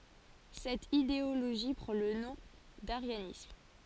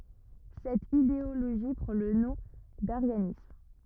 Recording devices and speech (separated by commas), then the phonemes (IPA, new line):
forehead accelerometer, rigid in-ear microphone, read sentence
sɛt ideoloʒi pʁɑ̃ lə nɔ̃ daʁjanism